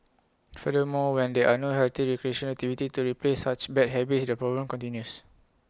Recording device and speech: close-talking microphone (WH20), read sentence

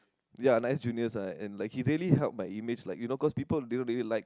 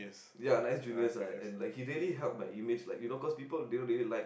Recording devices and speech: close-talking microphone, boundary microphone, conversation in the same room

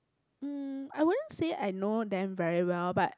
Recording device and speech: close-talking microphone, conversation in the same room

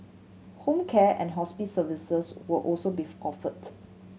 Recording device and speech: mobile phone (Samsung C7100), read sentence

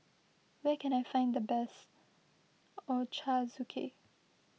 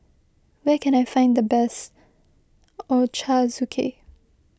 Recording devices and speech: mobile phone (iPhone 6), close-talking microphone (WH20), read sentence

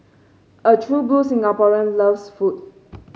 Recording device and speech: mobile phone (Samsung C5), read sentence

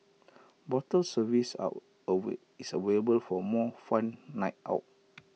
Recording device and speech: mobile phone (iPhone 6), read sentence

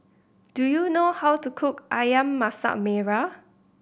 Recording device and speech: boundary microphone (BM630), read sentence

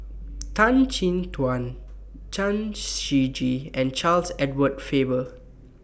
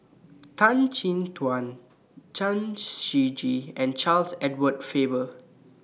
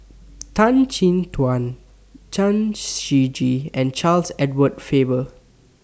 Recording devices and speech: boundary microphone (BM630), mobile phone (iPhone 6), standing microphone (AKG C214), read sentence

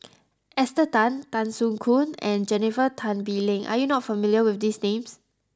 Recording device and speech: close-talking microphone (WH20), read sentence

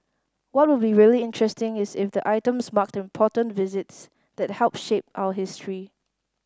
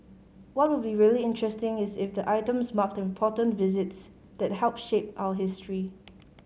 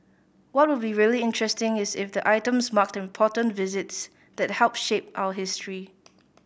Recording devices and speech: standing microphone (AKG C214), mobile phone (Samsung C5010), boundary microphone (BM630), read sentence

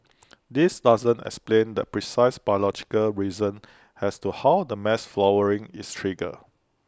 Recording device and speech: close-talking microphone (WH20), read sentence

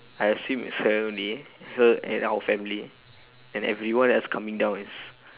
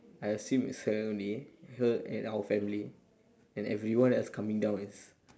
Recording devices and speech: telephone, standing microphone, conversation in separate rooms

